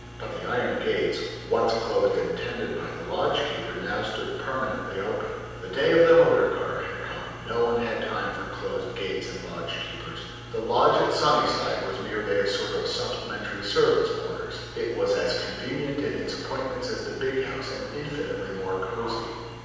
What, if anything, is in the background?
Nothing.